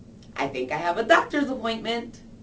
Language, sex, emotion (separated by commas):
English, female, happy